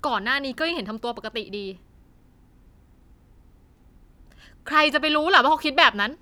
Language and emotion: Thai, angry